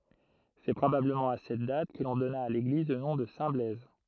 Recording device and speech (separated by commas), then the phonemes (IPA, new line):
throat microphone, read sentence
sɛ pʁobabləmɑ̃ a sɛt dat kə lɔ̃ dɔna a leɡliz lə nɔ̃ də sɛ̃tblɛz